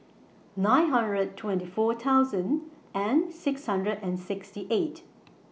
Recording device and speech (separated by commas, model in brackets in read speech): mobile phone (iPhone 6), read sentence